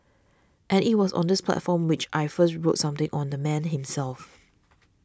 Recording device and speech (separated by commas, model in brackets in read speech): standing microphone (AKG C214), read sentence